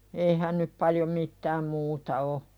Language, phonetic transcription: Finnish, eihän nyp paljo 'mittääm muuta o .
- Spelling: eihän nyt paljon mitään muuta ole

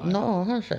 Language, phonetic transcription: Finnish, no 'onhan 'se .
- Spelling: no onhan se

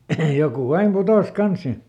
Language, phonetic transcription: Finnish, ˈjokù ˈaim ˈputòs "kans sin .
- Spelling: joku aina putosi kanssa sinne

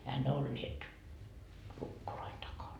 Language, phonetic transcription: Finnish, ehä ne 'olliet , 'lukkoloin takan .
- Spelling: eihän ne olleet lukkojen takana

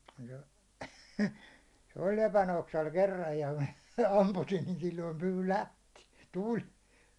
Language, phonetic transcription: Finnish, se , se 'oĺ 'lepänoksal 'kerraj ja mä , 'ampusin niin silloim pyy "lähti , "tuĺ .
- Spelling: se se oli lepänoksalla kerran ja minä ammuin niin silloin pyy lähti tuli

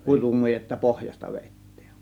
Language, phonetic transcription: Finnish, 'kutumujetta "pohjasta vèittiin .
- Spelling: kutumujetta pohjasta vedettiin

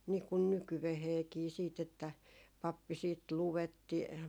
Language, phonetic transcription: Finnish, 'nii kun "nykyveheekii siit ‿että , 'pappi siit "luwetti ,.
- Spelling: niin kuin nykyäänkin sitten että pappi sitten luetti

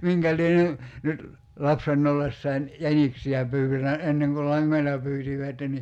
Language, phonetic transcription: Finnish, 'miŋkä lie ny- , nyt , "lapsenn ‿ollessain , "jäniksi₍ä 'pyy(tänä) , 'enneŋ kul "laŋŋoila 'pyytivätten ni ,.
- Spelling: minkä lie - nyt lapsena ollessani jäniksiä pyytänyt ennen kun langoilla pyysivät niin

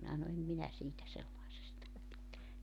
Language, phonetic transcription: Finnish, 'minä s̬ano 'em 'minä 'siitä 'sellaisesta (välitä) .
- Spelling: minä sanon en minä siitä sellaisesta välitä

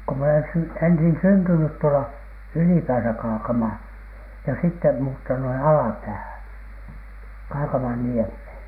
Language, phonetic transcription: Finnish, ko m ‿olen sy- , ensin 'syntynyt tuola , "ylipääsä Kaakamaa , ja sitte muuttanu 'alapäähän , "Kaakamanniemhèn .
- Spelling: kun minä olen - ensin syntynyt tuolla ylipäässä Kaakamaa ja sitten muuttanut alapäähän Kaakamanniemeen

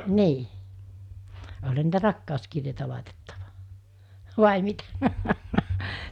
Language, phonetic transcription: Finnish, nii , oĺha niitä 'rakkàoskirjeitä làitettᴀᴠᴀ , vài 'mitä ?
- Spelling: niin olihan niitä rakkauskirjeitä laitettu vai mitä

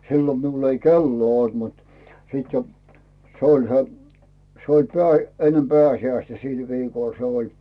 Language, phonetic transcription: Finnish, 'sillo miul ‿ei "kelloo olt mut , sit jo , 'se oĺ se , 'se oĺ peä̀- , ennem "peä̀siäistä "sil 'viikòl se oĺ .
- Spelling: silloin minulla ei kelloa ollut mutta sitten jo se oli se se oli - ennen pääsiäistä sillä viikolla se oli

